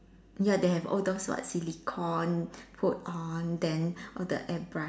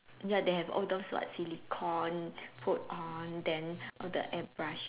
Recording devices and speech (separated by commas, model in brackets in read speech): standing microphone, telephone, conversation in separate rooms